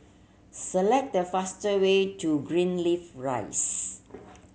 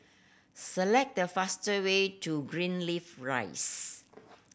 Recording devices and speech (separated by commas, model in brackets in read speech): mobile phone (Samsung C7100), boundary microphone (BM630), read sentence